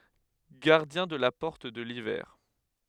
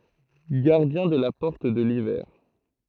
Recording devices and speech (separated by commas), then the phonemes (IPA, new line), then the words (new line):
headset microphone, throat microphone, read sentence
ɡaʁdjɛ̃ də la pɔʁt də livɛʁ
Gardien de la porte de l'hiver.